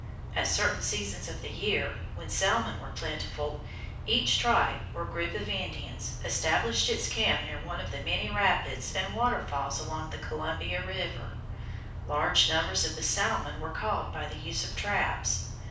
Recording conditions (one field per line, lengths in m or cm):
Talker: one person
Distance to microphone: 5.8 m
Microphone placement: far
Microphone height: 1.8 m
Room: medium-sized (5.7 m by 4.0 m)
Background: none